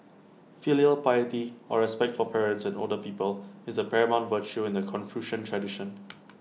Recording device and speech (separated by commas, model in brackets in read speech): mobile phone (iPhone 6), read sentence